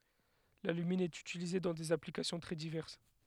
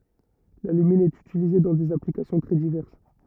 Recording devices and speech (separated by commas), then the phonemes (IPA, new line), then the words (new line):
headset microphone, rigid in-ear microphone, read sentence
lalymin ɛt ytilize dɑ̃ dez aplikasjɔ̃ tʁɛ divɛʁs
L'alumine est utilisé dans des applications très diverses.